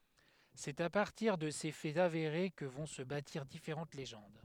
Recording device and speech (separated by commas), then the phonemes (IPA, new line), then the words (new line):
headset microphone, read sentence
sɛt a paʁtiʁ də se fɛz aveʁe kə vɔ̃ sə batiʁ difeʁɑ̃t leʒɑ̃d
C'est à partir de ces faits avérés que vont se bâtir différentes légendes.